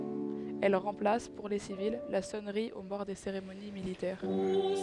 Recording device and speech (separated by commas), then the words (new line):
headset microphone, read sentence
Elle remplace, pour les civils, la sonnerie aux morts des cérémonies militaires.